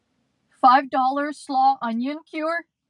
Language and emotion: English, fearful